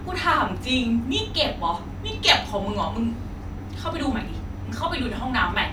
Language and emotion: Thai, angry